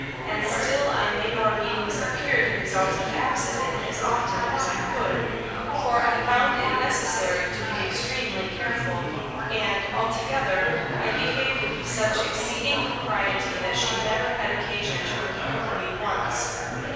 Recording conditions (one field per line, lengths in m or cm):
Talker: one person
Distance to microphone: 7.1 m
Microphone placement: far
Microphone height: 1.7 m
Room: very reverberant, large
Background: babble